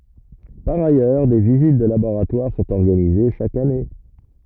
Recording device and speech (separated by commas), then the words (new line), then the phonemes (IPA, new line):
rigid in-ear microphone, read sentence
Par ailleurs, des visites de laboratoires sont organisées chaque année.
paʁ ajœʁ de vizit də laboʁatwaʁ sɔ̃t ɔʁɡanize ʃak ane